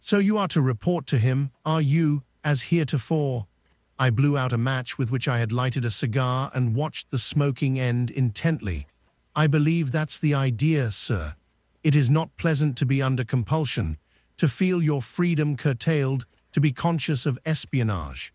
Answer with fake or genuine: fake